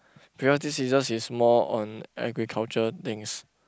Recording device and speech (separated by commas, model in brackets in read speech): close-talking microphone, conversation in the same room